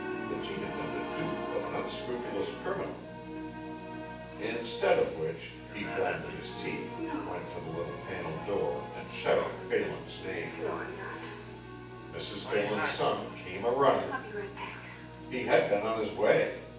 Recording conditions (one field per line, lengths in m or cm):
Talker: one person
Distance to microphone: 9.8 m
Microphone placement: far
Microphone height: 1.8 m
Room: large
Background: television